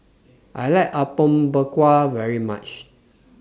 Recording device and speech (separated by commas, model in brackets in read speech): standing microphone (AKG C214), read sentence